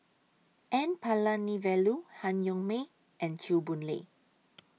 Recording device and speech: mobile phone (iPhone 6), read sentence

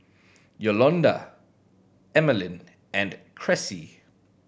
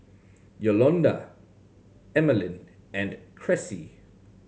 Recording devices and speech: boundary microphone (BM630), mobile phone (Samsung C7100), read sentence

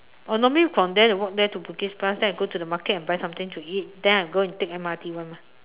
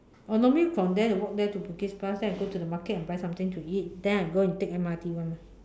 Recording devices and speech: telephone, standing microphone, conversation in separate rooms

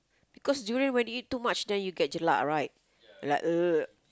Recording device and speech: close-talking microphone, conversation in the same room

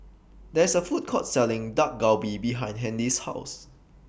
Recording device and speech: boundary microphone (BM630), read sentence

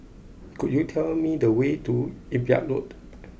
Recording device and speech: boundary microphone (BM630), read sentence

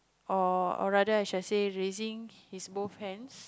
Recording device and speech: close-talking microphone, conversation in the same room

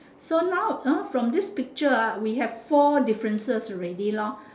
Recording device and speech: standing microphone, conversation in separate rooms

